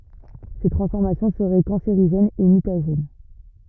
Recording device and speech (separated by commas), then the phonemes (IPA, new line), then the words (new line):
rigid in-ear microphone, read sentence
se tʁɑ̃sfɔʁmasjɔ̃ səʁɛ kɑ̃seʁiʒɛnz e mytaʒɛn
Ces transformations seraient cancérigènes et mutagènes.